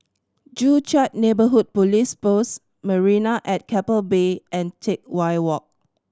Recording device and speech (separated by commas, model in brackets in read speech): standing microphone (AKG C214), read sentence